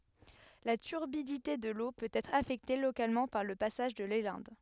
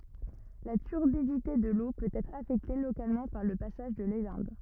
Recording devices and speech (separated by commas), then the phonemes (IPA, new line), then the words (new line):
headset microphone, rigid in-ear microphone, read sentence
la tyʁbidite də lo pøt ɛtʁ afɛkte lokalmɑ̃ paʁ lə pasaʒ də lelɛ̃d
La turbidité de l'eau peut être affectée localement par le passage de l'élinde.